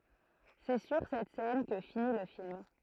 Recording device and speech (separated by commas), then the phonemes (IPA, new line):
throat microphone, read sentence
sɛ syʁ sɛt sɛn kə fini lə film